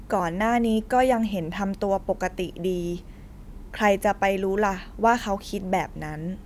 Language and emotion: Thai, neutral